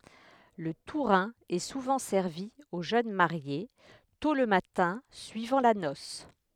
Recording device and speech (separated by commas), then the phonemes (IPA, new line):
headset microphone, read sentence
lə tuʁɛ̃ ɛ suvɑ̃ sɛʁvi o ʒøn maʁje tɔ̃ lə matɛ̃ syivɑ̃ la nɔs